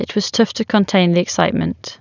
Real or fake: real